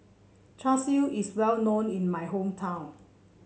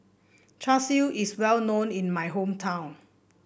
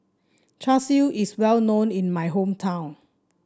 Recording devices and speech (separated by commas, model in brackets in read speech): mobile phone (Samsung C7), boundary microphone (BM630), standing microphone (AKG C214), read sentence